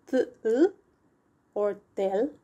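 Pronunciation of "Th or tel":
The 'tl' sound is pronounced incorrectly here.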